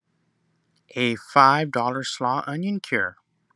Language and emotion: English, disgusted